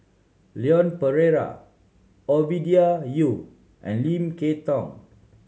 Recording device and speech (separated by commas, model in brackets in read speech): mobile phone (Samsung C7100), read sentence